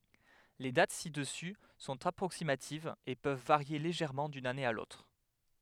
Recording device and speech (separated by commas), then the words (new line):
headset microphone, read sentence
Les dates ci-dessus sont approximatives et peuvent varier légèrement d'une année à l'autre.